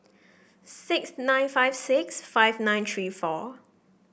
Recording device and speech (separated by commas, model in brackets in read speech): boundary microphone (BM630), read sentence